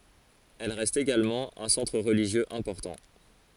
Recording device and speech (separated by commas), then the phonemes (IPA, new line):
forehead accelerometer, read sentence
ɛl ʁɛst eɡalmɑ̃ œ̃ sɑ̃tʁ ʁəliʒjøz ɛ̃pɔʁtɑ̃